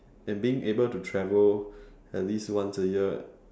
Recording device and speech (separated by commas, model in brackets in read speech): standing microphone, conversation in separate rooms